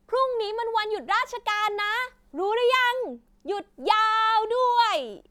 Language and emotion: Thai, happy